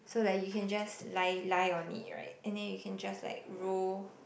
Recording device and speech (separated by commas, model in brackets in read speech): boundary microphone, conversation in the same room